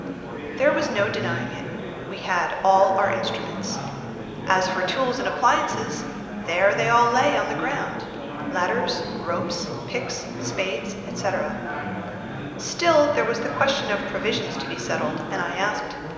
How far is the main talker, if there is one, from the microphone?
1.7 m.